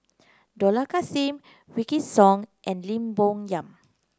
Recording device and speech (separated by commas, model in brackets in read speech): close-talking microphone (WH30), read sentence